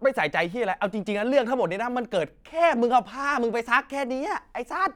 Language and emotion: Thai, angry